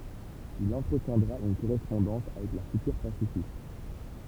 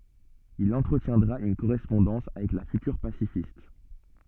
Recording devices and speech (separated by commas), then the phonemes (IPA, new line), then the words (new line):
temple vibration pickup, soft in-ear microphone, read sentence
il ɑ̃tʁətjɛ̃dʁa yn koʁɛspɔ̃dɑ̃s avɛk la fytyʁ pasifist
Il entretiendra une correspondance avec la future pacifiste.